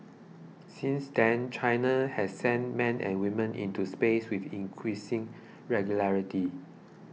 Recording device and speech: mobile phone (iPhone 6), read sentence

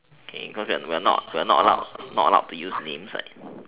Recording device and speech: telephone, conversation in separate rooms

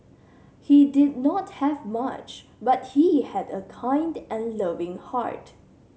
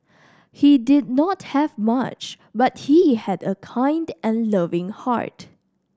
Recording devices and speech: mobile phone (Samsung C7100), standing microphone (AKG C214), read sentence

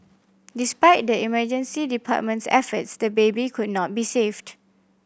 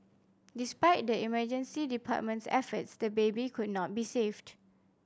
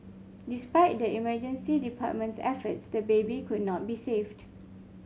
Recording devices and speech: boundary microphone (BM630), standing microphone (AKG C214), mobile phone (Samsung C5), read sentence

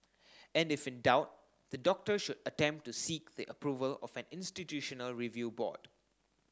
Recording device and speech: standing microphone (AKG C214), read sentence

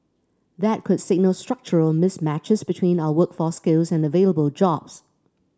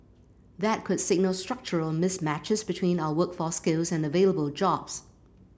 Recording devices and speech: standing microphone (AKG C214), boundary microphone (BM630), read sentence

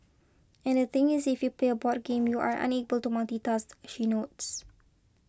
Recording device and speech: close-talking microphone (WH20), read sentence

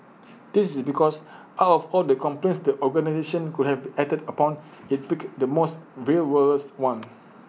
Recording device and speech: mobile phone (iPhone 6), read sentence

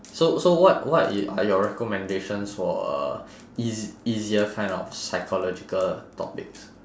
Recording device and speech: standing microphone, conversation in separate rooms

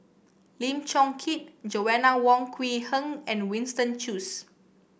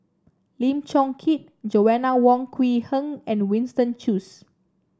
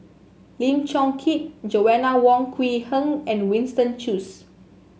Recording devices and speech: boundary microphone (BM630), standing microphone (AKG C214), mobile phone (Samsung S8), read sentence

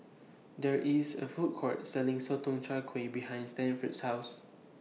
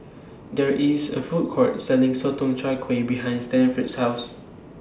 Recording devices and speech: mobile phone (iPhone 6), standing microphone (AKG C214), read sentence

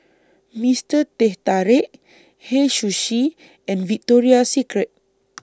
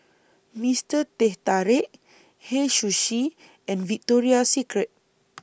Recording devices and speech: standing microphone (AKG C214), boundary microphone (BM630), read sentence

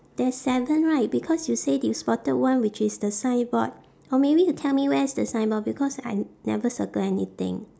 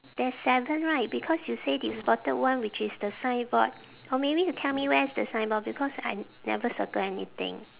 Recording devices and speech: standing microphone, telephone, conversation in separate rooms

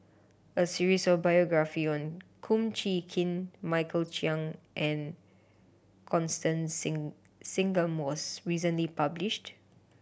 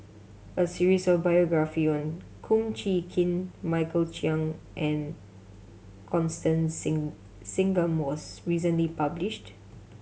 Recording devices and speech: boundary microphone (BM630), mobile phone (Samsung C7100), read sentence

